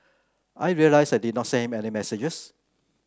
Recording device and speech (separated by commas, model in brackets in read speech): close-talking microphone (WH30), read sentence